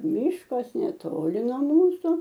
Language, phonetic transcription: Lithuanian, ˈmyškas neˈtoli nuo ˈmūsu

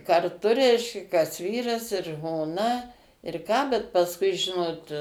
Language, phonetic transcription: Lithuanian, karˈtu ˈreiškia kas ˈvyras ir žmoˈna ir ˈką bet pasˈkui ˈžinot

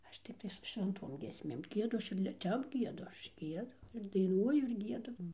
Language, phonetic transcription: Lithuanian, ˈaš tikˈtais su švenˈtom giesˈmėm ˈgiedu ˈaš ir li ˈtep ˈgiedu ˈaš ˈgiedu ir daiˈnuoju ir ˈgiedu

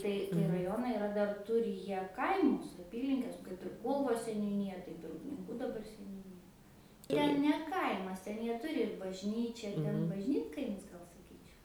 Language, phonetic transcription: Lithuanian, ˈtai tai raˈjonai iˈra dar ˈturi ˈjie ˈkaimus aˈpylinkes kaip ir ˈkūlvos seniūˈnyja ˈtaip ir upninˈkų daˈbar seniūˈnyja ˈten ne ˈkaimas ˈten ˈjie ˈturi ir bažˈnyčia ˈten bažˈnytkaimis ˈgal saˈkyčiau

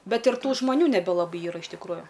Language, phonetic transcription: Lithuanian, ˈbet ir ˈtų žmaˈnių neˈbe laˈbai ˈyra iš tikˈrųju

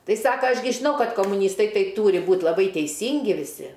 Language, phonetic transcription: Lithuanian, ˈtai ˈsaka ˈaš gi žiˈnau ˈkad komuˈnystai ˈtai ˈtūri ˈbūt' laˈbai teiˈsyngi viˈsi

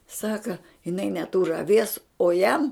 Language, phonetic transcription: Lithuanian, ˈsaka jiˈnai neˈtūr aˈvies o ˈjam

